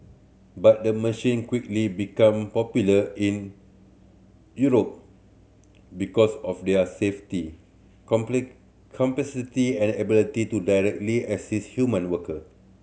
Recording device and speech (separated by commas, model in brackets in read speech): mobile phone (Samsung C7100), read sentence